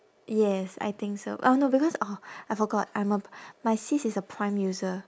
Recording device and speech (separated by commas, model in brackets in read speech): standing microphone, conversation in separate rooms